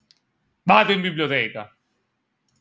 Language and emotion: Italian, angry